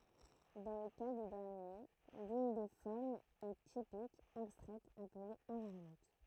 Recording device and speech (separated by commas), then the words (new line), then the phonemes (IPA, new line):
throat microphone, read sentence
Dans le cas des derniers, l’une des formes est typique, abstraite, appelée invariante.
dɑ̃ lə ka de dɛʁnje lyn de fɔʁmz ɛ tipik abstʁɛt aple ɛ̃vaʁjɑ̃t